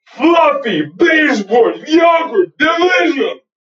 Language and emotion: English, disgusted